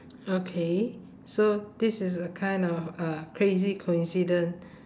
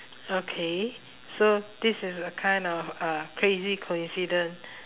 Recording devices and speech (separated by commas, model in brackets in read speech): standing microphone, telephone, conversation in separate rooms